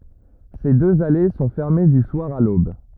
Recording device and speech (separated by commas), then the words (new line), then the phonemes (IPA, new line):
rigid in-ear microphone, read sentence
Ces deux allées sont fermées du soir à l'aube.
se døz ale sɔ̃ fɛʁme dy swaʁ a lob